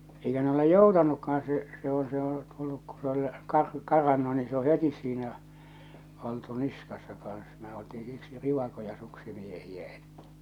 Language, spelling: Finnish, eikä ne ole joutanutkaan se se on se on tullut kun se oli - karannut niin se on heti siinä oltu niskassa kanssa me oltiin siksi rivakoita suksimiehiä että
- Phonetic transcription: eikä ne ‿ole "joutanukkahan se , se ‿oo̰ , se ‿o , tulluk ku se ol , 'kar- , 'karannu ni se o "hetis siinä , oltu 'niskassa kan̬s , me oltii siksi "rivakoja 'suksimiehiä ᴇttᴀ̈ .

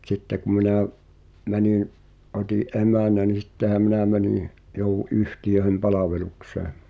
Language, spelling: Finnish, mutta sitten kun minä menin otin emännän niin sittenhän minä menin jouduin yhtiöiden palvelukseen
- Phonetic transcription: [mu]'t ‿sitte ku minä̀ , 'mänin , '’ot́i’ "’emä̀nä ni 'sⁱttehä 'minä mäniḭ , jouw̆wu’ "’yhtijöĕhem 'palaveluksee .

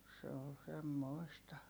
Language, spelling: Finnish, se oli semmoista
- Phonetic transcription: se ol semmòi̮sta .

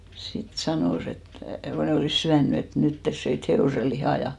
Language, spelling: Finnish, sitten sanoi että kun ne olivat syönyt että nyt te söitte hevosen lihaa ja
- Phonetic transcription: 'sit 'sanòs ‿et , ko 'ne olìs 'syänny et , » 'nyt tes 'söit "he₍òse lihà « ja .

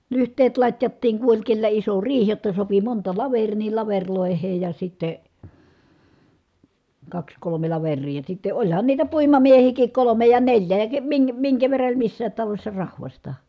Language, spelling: Finnish, lyhteet latjattiin kun oli kenellä iso riihi jotta sopi monta laveria niin lavereille ja sitten kaksi kolme laveria ja sitten olihan niitä puimamiehiäkin kolme ja neljä ja - minkä minkä verran oli missäkin talossa rahvasta
- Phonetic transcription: lyht̀eet lat́jattiiŋ ku oĺ kellä iso riih jotta sopi monta laver̀ii ni laveŕlòeheej ja sittè , kaks kolome laver̆rii ja sitte oĺhan niitä puimamiehiikik kolome ja neĺjä ja , ke- miŋkä miŋkä verra oĺ missäät talośsa rahvasta .

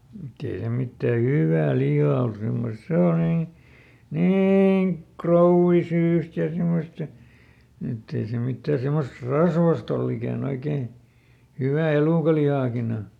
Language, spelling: Finnish, mutta ei se mitään hyvää lihaa ollut semmoista se on niin niin krouvisyistä ja semmoista niin että ei se mitään semmoista rasvaista ollut ikänä oikein kuin hyvä elukanlihakin on
- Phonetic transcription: mutˈt ‿ei se ˈmittä "hyvvää "lihaa ol ˈsemmostˈse o nii , "niiŋ "krouvviˈsyyst ja ˈsimostᵃ , niˈn ‿ett ‿ei se ˈmittä semmost "rasvast ‿olˈl ‿ikä̀ˈn ‿oikee , (ko) ˈhywä̀ ˈelùkalihàkin ‿o .

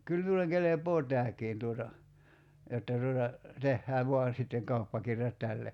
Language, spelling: Finnish, kyllä minulle kelpaa tämäkin tuota jotta tuota tehdään vain sitten kauppakirjat tälle
- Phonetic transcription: 'kyl miul̆leŋ 'kelepoo "tääkiin tuota , 'jotta tuota , 'tehhää "vo̭an̬ sitteŋ 'kauppakirjat 'tälle « .

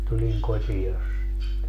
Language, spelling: Finnish, tulin kotia sitten
- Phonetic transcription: 'tuliŋ "kotijas sitte .

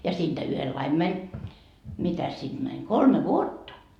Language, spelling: Finnish, ja siitä yhdellä lailla meni mitäs sitä meni kolme vuotta
- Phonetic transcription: ja 'siinDä 'yhellaim 'mäń , 'mitäs siD mäń , "kolme "vuotta .

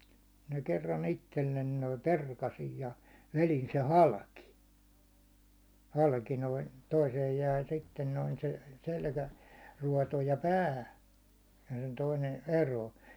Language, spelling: Finnish, minä kerran itselle noin perkasin ja vedin sen halki halki noin toiseen jäi sitten noin se selkäruoto ja pää ja sen toinen eroon
- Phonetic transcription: mINä kerran 'ittellen noim "perkasij ja , 'velin se "halki , 'halki noin , toiseej jäi sitten noin se , selkä'ruåto ja "pää , ja sᴇɴ toinen̬ , 'eroo .

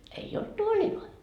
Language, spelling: Finnish, ei ollut tuoleja
- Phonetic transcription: ei olt "tuoĺiloi .

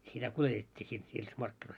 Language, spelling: Finnish, sitä kuljetettiin sitten niissä markkinoissa
- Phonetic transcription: sitä 'kuletet́t́ii sit niis 'markkinois .

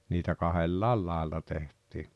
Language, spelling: Finnish, niitä kahdella lailla tehtiin
- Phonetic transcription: niitä "kahellàel 'làella teht̀ii .

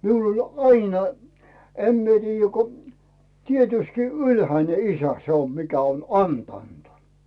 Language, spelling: Finnish, minulla oli aina en minä tiedä kun tietystikin ylhäinen isä se on mikä on antanut
- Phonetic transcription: 'miul ‿oĺ "ainᴀ , "em mie 'tiijjä ko , 'tietyski "ylhäine "isä se ‿om mikä on "antànt .

